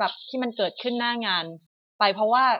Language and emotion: Thai, neutral